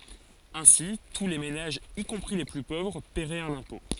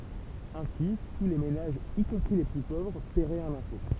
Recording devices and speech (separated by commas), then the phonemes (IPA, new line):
forehead accelerometer, temple vibration pickup, read sentence
ɛ̃si tu le menaʒz i kɔ̃pʁi le ply povʁ pɛʁɛt œ̃n ɛ̃pɔ̃